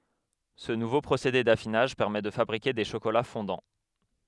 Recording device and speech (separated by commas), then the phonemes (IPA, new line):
headset microphone, read sentence
sə nuvo pʁosede dafinaʒ pɛʁmɛ də fabʁike de ʃokola fɔ̃dɑ̃